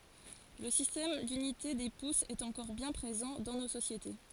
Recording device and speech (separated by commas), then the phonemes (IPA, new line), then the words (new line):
forehead accelerometer, read sentence
lə sistɛm dynite de pusz ɛt ɑ̃kɔʁ bjɛ̃ pʁezɑ̃ dɑ̃ no sosjete
Le système d'unités des pouces est encore bien présent dans nos sociétés.